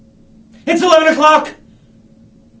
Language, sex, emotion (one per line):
English
male
angry